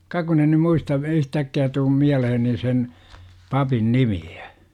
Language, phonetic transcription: Finnish, ka kun en̆ ny "muista , 'yhtäkki₍ä tuum 'miäleheni sen , 'papin "nimi₍Ä .
- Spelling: ka kun en nyt muista yhtäkkiä tule mieleeni sen papin nimeä

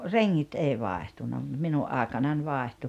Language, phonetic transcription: Finnish, reŋŋit 'èi 'vaehtunna mut 'minu’ ’àekanań 'vàehtu .
- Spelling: rengit ei vaihtunut mutta minun aikanani vaihtui

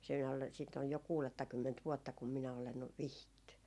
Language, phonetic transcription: Finnish, siin ‿ol , siit ‿oj jo 'kuulettakymment 'vuotta kum minä olen , 'vihitty .
- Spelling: siinä oli siitä on jo kuudettakymmentä vuotta kun minä olen vihitty

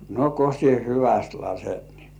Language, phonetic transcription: Finnish, » no ko sie "hyväst 'laset nii « .
- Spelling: no kun sinä hyvästi lasket niin

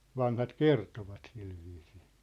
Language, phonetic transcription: Finnish, 'vanhat "kertovat silviisɪɪ .
- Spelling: vanhat kertoivat sillä viisiin

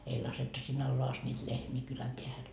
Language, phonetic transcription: Finnish, 'ei lasettu sin'n ‿alloa ast ńiit 'lehmii kyläm 'peähän .
- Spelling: ei laskettu sinne alas asti niitä lehmiä kylän päähän

